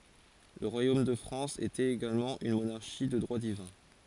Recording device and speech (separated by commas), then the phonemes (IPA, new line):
forehead accelerometer, read sentence
lə ʁwajom də fʁɑ̃s etɛt eɡalmɑ̃ yn monaʁʃi də dʁwa divɛ̃